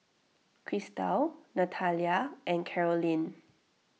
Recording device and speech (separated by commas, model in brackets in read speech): mobile phone (iPhone 6), read sentence